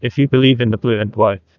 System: TTS, neural waveform model